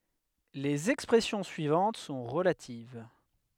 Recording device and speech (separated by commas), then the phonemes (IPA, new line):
headset microphone, read sentence
lez ɛkspʁɛsjɔ̃ syivɑ̃t sɔ̃ ʁəlativ